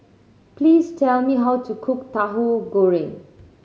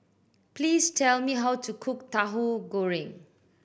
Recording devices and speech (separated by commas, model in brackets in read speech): mobile phone (Samsung C7100), boundary microphone (BM630), read sentence